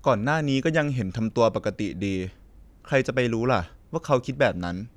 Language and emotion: Thai, neutral